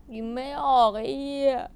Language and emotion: Thai, sad